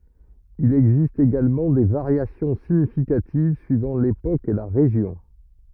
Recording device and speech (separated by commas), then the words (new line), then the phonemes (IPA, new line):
rigid in-ear microphone, read sentence
Il existe également des variations significatives suivant l'époque et la région.
il ɛɡzist eɡalmɑ̃ de vaʁjasjɔ̃ siɲifikativ syivɑ̃ lepok e la ʁeʒjɔ̃